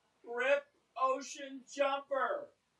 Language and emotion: English, sad